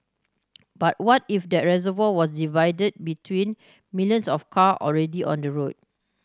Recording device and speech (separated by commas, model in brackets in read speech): standing microphone (AKG C214), read sentence